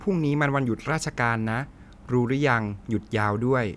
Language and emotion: Thai, neutral